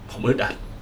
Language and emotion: Thai, frustrated